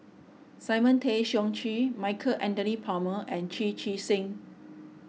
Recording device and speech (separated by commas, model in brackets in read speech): mobile phone (iPhone 6), read sentence